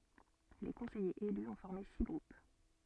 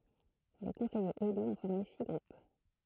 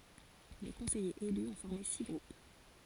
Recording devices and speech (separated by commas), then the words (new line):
soft in-ear microphone, throat microphone, forehead accelerometer, read sentence
Les conseillers élus ont formé six groupes.